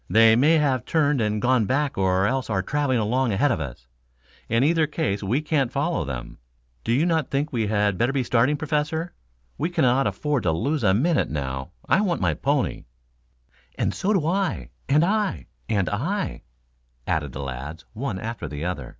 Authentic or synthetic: authentic